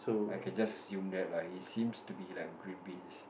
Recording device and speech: boundary microphone, conversation in the same room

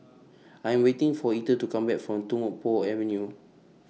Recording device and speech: mobile phone (iPhone 6), read sentence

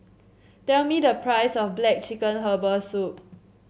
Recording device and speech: mobile phone (Samsung C7), read sentence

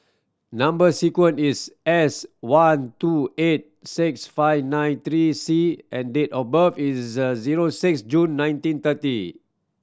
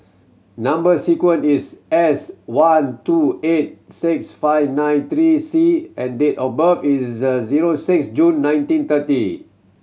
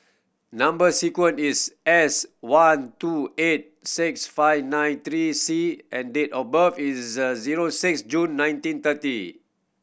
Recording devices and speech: standing microphone (AKG C214), mobile phone (Samsung C7100), boundary microphone (BM630), read sentence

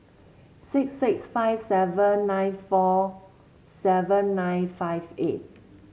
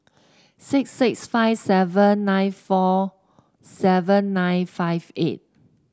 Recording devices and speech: mobile phone (Samsung C7), standing microphone (AKG C214), read sentence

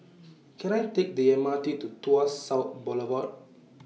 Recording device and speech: mobile phone (iPhone 6), read sentence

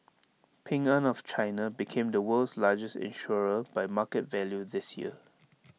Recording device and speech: mobile phone (iPhone 6), read sentence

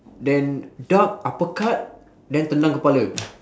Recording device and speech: standing microphone, conversation in separate rooms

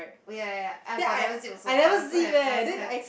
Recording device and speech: boundary microphone, conversation in the same room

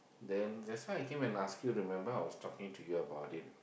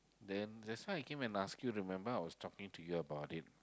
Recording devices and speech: boundary microphone, close-talking microphone, conversation in the same room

